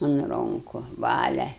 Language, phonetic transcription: Lithuanian, un ˈronku ˈvalia

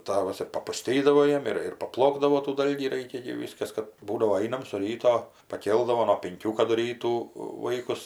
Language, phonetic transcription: Lithuanian, ˈtavas ir papuˈstydavo ˈjiem ir ir paˈplokdavo tų ˈdalgį ˈraikia gi ˈvyskas ˈkad ˈbūdavo ˈainam su ˈryto paˈkėldavo nuo pinˈkių kadu ˈrytų ˈvaikus

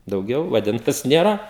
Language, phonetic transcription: Lithuanian, dauˈgiau vaˈdintas ˈnėra

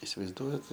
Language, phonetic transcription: Lithuanian, isivaizˈduojat

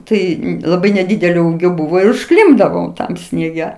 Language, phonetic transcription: Lithuanian, ˈtai laˈbai neˈdydelio ˈūgio ˈbuvo ir užˈklimpdavom ˈtam snieˈge

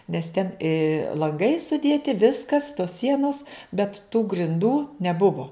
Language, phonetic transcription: Lithuanian, nes ten i lanˈgai suˈdėti ˈviskas tos ˈsienos bet tų grinˈdų neˈbuvo

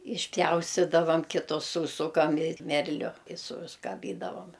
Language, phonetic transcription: Lithuanian, išˈpjaustidavam ˈkito ˈsūsukam i ˈmerliu i suskaˈbydavom

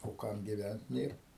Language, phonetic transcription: Lithuanian, o ˈkam giˈvænt ˈnėr

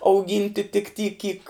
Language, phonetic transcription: Lithuanian, auˈgynti tik ty kyk

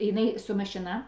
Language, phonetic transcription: Lithuanian, jiˈnai su mašiˈna

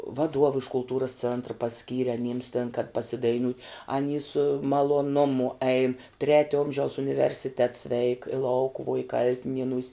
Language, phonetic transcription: Lithuanian, vaˈduov iš kulˈtūras ˈcėntra paˈskyri aˈnyms tėn kad pasidaiˈniūt' aˈny su maloˈnumu ein ˈtretio ˈomžiaus universiˈtets veik i ˈlaukuvuo i ˈkal'tinienūs'

